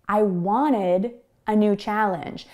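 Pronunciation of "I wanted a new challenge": In 'wanted', the T is barely heard, so it almost sounds like there is no T there at all.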